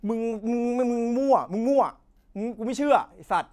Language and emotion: Thai, angry